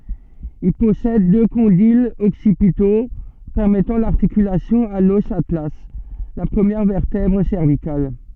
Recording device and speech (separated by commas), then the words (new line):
soft in-ear microphone, read sentence
Il possède deux condyles occipitaux permettant l’articulation à l'os atlas, la première vertèbre cervicale.